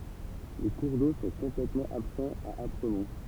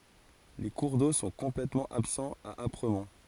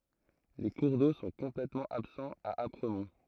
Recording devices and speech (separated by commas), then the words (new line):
temple vibration pickup, forehead accelerometer, throat microphone, read sentence
Les cours d'eau sont complètement absents à Apremont.